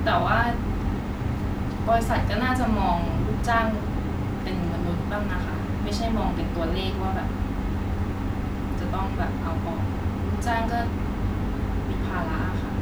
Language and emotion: Thai, frustrated